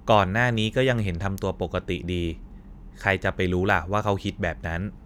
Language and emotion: Thai, neutral